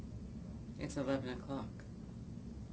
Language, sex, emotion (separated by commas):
English, female, neutral